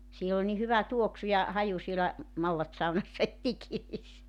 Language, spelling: Finnish, siellä oli niin hyvä tuoksu ja haju siellä mallassaunassa että ikiinsä
- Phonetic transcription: 'siel ‿ol ni 'hyvä "tuoksu ja , 'haju sielä , 'mallatsaunassa et 'ikiis .

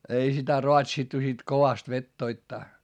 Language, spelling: Finnish, ei sitä raatsittu sitten kovasti vetoittaa
- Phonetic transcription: ei sitä roatsittu sit kovast vettoittaa .

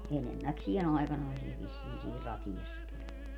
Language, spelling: Finnish, enemmäkseen aikanaisia vissiin siinä Ratiassakin oli
- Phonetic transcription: 'enemmäksie"n ‿aikanaisi₍a vissiin siir 'Rati₍assakin ‿oĺ .

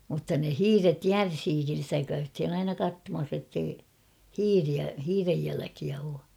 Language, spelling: Finnish, mutta ne hiiret järsiikin sitä käytiin aina katsomassa että ei hiiriä hiiren jälkiä ole
- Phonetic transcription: mutta ne "hiiret "järsiikin̬ stä käythin ‿'aina 'kattomas ettei , "hiiriä , 'hiirej jäläkiä oo .

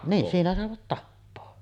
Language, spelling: Finnish, niin siinä saivat tappaa
- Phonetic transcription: nii , 'siinä sàevat "tappoo .

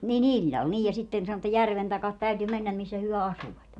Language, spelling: Finnish, niin illalla niin ja sitten sanoi että järven taakse täytyi mennä missä he asuivat
- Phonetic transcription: ni"n ‿iĺĺal 'niij ja 'sitten sano että "järven takat 'täyty 'mennäm missä hyö 'asuvat .

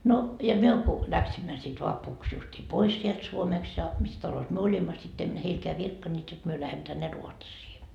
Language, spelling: Finnish, no ja me kun lähdimme sitten vapuksi justiin pois sieltä Suomesta ja missä talossa me olimme sitten emme heillekään virkkaneet jotta me lähdemme tänne Ruotsiin
- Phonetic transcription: no , ja 'myö ku , 'läksimmä sit 'vapuks justii "pois sielt 'Suomest ja , 'mis talos myö "olimma sit ‿em 'heilkeä "virkkanneet jot 'myö 'lähemᵐᵒ̈ tänne "Ruotsii .

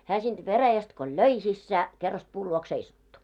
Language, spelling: Finnish, hän siitä veräjästä kun löi sisään kerrasta puun luokse seisahtui
- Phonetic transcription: hää sinᴅ 'veräjäst ko "löi sissä , 'kerrast puul luoks 'seisattu .

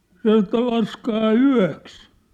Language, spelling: Finnish, sanoi että laskekaa yöksi
- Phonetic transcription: 'san̬ŏ että » 'laskaa "yä̭ks ! «

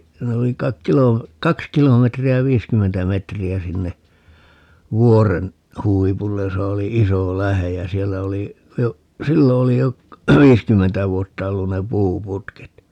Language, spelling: Finnish, siinä oli kai - kaksi kilometriä viisikymmentä metriä sinne vuoren huipulle jossa oli iso lähde ja siellä oli jo silloin oli jo viisikymmentä vuotta ollut ne puuputket
- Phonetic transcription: ('siin) ‿oli kaik "kilom- , "kaks 'kilometri₍ä 'viiskymmentä 'metri₍ä sinne , 'vuoren , 'huipullej 'josa oli "iso 'lähej jä 'siellä oli , jo , 'sillo oli jo , "viiskymmentä 'vuotta 'ollun ne 'puu"putket .

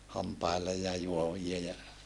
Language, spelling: Finnish, hampaille ja juovia ja
- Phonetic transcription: hampaille ja juovia ja ,.

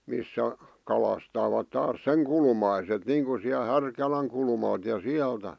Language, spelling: Finnish, missä kalastavat taas sen kulmaiset niin kuin siellä Härkälän kulmalta ja sieltä
- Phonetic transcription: 'missä , 'kalastaavat taas "seŋ kulmaiset 'niiŋku siäl "Härkäläŋ kulmalt ja "siältä .

